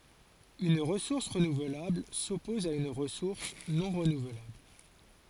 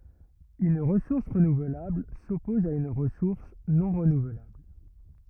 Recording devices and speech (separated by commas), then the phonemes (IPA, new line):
forehead accelerometer, rigid in-ear microphone, read sentence
yn ʁəsuʁs ʁənuvlabl sɔpɔz a yn ʁəsuʁs nɔ̃ ʁənuvlabl